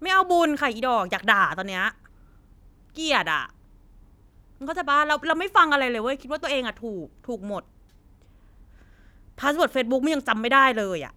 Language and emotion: Thai, angry